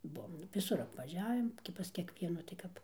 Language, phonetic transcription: Lithuanian, ˈbuom viˈsur apvaˈžiavim gi pas kiekˈvienų tai ˈkap

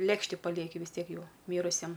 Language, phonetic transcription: Lithuanian, ˈlėkšti paˈlieki vis ˈtiek ˈjau ˈmyrusiem

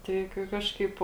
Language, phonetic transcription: Lithuanian, ˈtai kai ˈkažkaip

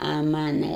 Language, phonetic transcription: Lithuanian, a ˈmana

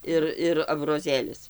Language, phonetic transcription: Lithuanian, ˈir ir abroˈzėlis

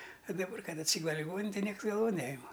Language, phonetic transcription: Lithuanian, a daˈbar ˈkad atˈsygule liˈgoninen tai ˈnieks galˈvon ˈnejima

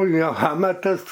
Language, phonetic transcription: Lithuanian, ˈjo ˈhamatas

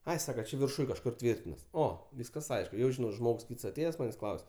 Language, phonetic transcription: Lithuanian, ˈai ˈsaka ˈči virˈšuj kažˈkur ˈtvyrtinas ˈo ˈvyskas ˈaišk jau žiˈnau ˈžmogs ˈkyts aˈtėjes ˈmanės' ˈklaus'

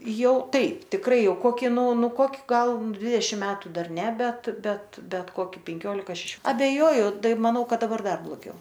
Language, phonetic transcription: Lithuanian, ˈjau ˈtaip tikˈrai ˈjau ˈkoki ˈnu ˈnu ˈkoki ˈgal ˈdvidešim ˈmetu ˈdar ˈne ˈbet ˈbet ˈbet ˈkoki penˈkiolika šeˈšio abeˈjoju ˈtai maˈnau ˈkad daˈbar ˈdar bloˈgiau

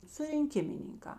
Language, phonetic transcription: Lithuanian, surinˈkimininkā

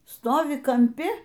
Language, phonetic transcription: Lithuanian, ˈstovi kamˈpi

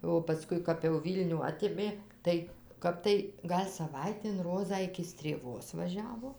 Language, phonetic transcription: Lithuanian, o paˈskui kap jau ˈvylnių ˈatėmė ˈtai ˈkap tai ˈgal' saˈvaitėn ˈrozą iki strėˈvos vaˈžiavo

